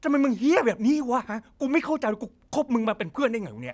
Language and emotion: Thai, angry